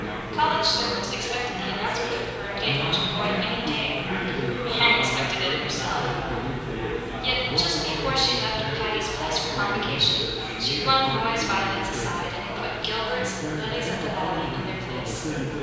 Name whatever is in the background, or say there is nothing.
Crowd babble.